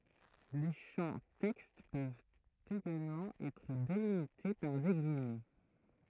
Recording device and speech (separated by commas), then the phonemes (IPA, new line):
throat microphone, read sentence
le ʃɑ̃ tɛkst pøvt eɡalmɑ̃ ɛtʁ delimite paʁ de ɡijmɛ